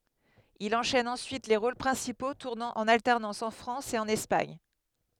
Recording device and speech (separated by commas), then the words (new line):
headset microphone, read sentence
Il enchaîne ensuite les rôles principaux, tournant en alternance en France et en Espagne.